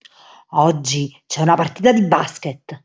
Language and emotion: Italian, angry